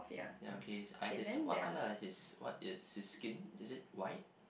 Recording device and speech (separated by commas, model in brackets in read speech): boundary microphone, conversation in the same room